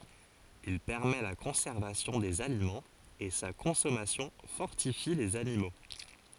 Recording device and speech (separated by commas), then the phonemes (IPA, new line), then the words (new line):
forehead accelerometer, read sentence
il pɛʁmɛ la kɔ̃sɛʁvasjɔ̃ dez alimɑ̃z e sa kɔ̃sɔmasjɔ̃ fɔʁtifi lez animo
Il permet la conservation des aliments et sa consommation fortifie les animaux.